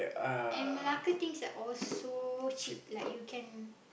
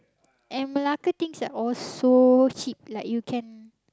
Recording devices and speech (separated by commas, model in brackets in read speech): boundary microphone, close-talking microphone, conversation in the same room